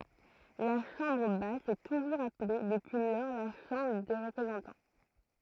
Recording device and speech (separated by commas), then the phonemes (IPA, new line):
throat microphone, read sentence
la ʃɑ̃bʁ bas sɛ tuʒuʁz aple dəpyi lɔʁ la ʃɑ̃bʁ de ʁəpʁezɑ̃tɑ̃